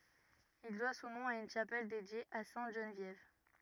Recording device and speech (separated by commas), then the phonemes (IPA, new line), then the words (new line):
rigid in-ear microphone, read sentence
il dwa sɔ̃ nɔ̃ a yn ʃapɛl dedje a sɛ̃t ʒənvjɛv
Il doit son nom à une chapelle dédiée à sainte Geneviève.